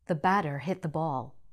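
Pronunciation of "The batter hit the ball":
'The batter hit the ball' is said in an American accent.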